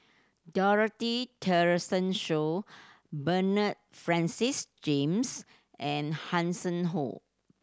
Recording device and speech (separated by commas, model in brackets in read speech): standing microphone (AKG C214), read sentence